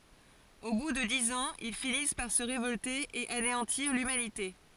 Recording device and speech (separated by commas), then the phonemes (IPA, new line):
forehead accelerometer, read sentence
o bu də diz ɑ̃z il finis paʁ sə ʁevɔlte e aneɑ̃tiʁ lymanite